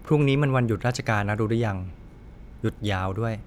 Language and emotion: Thai, neutral